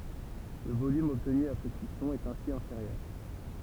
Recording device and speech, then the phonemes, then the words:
temple vibration pickup, read sentence
lə volym ɔbtny apʁɛ kyisɔ̃ ɛt ɛ̃si ɛ̃feʁjœʁ
Le volume obtenu après cuisson est ainsi inférieur.

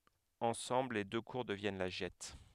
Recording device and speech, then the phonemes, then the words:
headset microphone, read sentence
ɑ̃sɑ̃bl le dø kuʁ dəvjɛn la ʒɛt
Ensemble les deux cours deviennent la Gette.

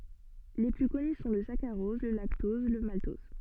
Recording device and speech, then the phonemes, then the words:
soft in-ear microphone, read sentence
le ply kɔny sɔ̃ lə sakaʁɔz lə laktɔz lə maltɔz
Les plus connus sont le saccharose, le lactose, le maltose.

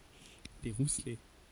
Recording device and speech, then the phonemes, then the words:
forehead accelerometer, read sentence
le ʁuslɛ
Les Rousselets.

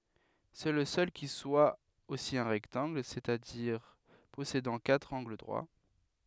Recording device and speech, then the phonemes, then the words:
headset microphone, read sentence
sɛ lə sœl ki swa osi œ̃ ʁɛktɑ̃ɡl sɛt a diʁ pɔsedɑ̃ katʁ ɑ̃ɡl dʁwa
C'est le seul qui soit aussi un rectangle, c'est-à-dire possédant quatre angles droits.

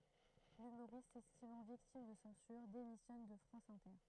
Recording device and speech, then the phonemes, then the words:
throat microphone, read sentence
lymoʁist sɛstimɑ̃ viktim də sɑ̃syʁ demisjɔn də fʁɑ̃s ɛ̃tɛʁ
L'humoriste, s'estimant victime de censure, démissionne de France Inter.

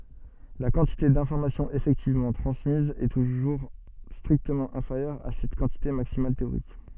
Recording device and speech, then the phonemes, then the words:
soft in-ear microphone, read sentence
la kɑ̃tite dɛ̃fɔʁmasjɔ̃z efɛktivmɑ̃ tʁɑ̃smiz ɛ tuʒuʁ stʁiktəmɑ̃ ɛ̃feʁjœʁ a sɛt kɑ̃tite maksimal teoʁik
La quantité d'informations effectivement transmise est toujours strictement inférieure à cette quantité maximale théorique.

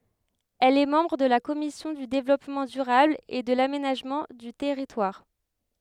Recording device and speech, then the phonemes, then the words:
headset microphone, read sentence
ɛl ɛ mɑ̃bʁ də la kɔmisjɔ̃ dy devlɔpmɑ̃ dyʁabl e də lamenaʒmɑ̃ dy tɛʁitwaʁ
Elle est membre de la Commission du Développement durable et de l'Aménagement du territoire.

